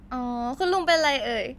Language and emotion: Thai, happy